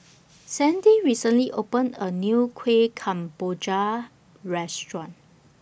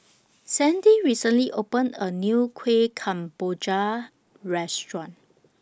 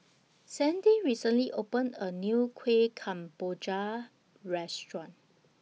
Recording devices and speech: boundary microphone (BM630), standing microphone (AKG C214), mobile phone (iPhone 6), read sentence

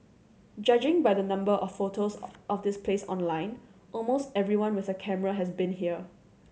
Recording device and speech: mobile phone (Samsung C7100), read sentence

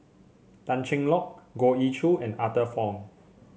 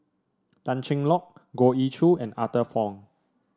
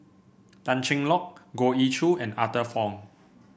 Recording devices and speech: mobile phone (Samsung C7), standing microphone (AKG C214), boundary microphone (BM630), read sentence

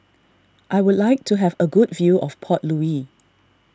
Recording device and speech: standing microphone (AKG C214), read sentence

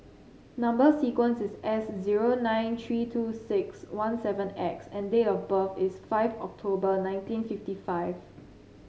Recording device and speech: mobile phone (Samsung C7), read sentence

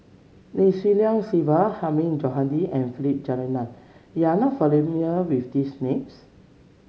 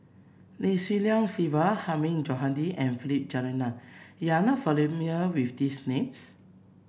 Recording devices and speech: mobile phone (Samsung C7), boundary microphone (BM630), read sentence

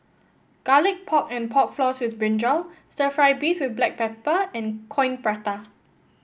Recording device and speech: boundary microphone (BM630), read sentence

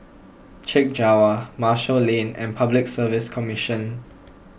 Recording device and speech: boundary microphone (BM630), read sentence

